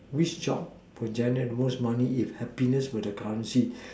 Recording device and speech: standing microphone, conversation in separate rooms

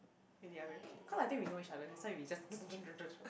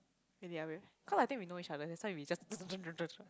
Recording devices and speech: boundary microphone, close-talking microphone, conversation in the same room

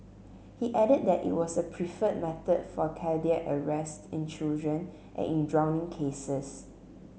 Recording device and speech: mobile phone (Samsung C7), read sentence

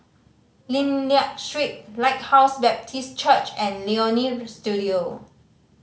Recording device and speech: mobile phone (Samsung C5010), read sentence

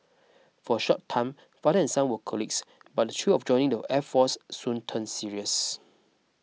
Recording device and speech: mobile phone (iPhone 6), read sentence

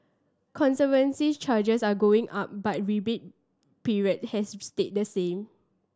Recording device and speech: standing microphone (AKG C214), read sentence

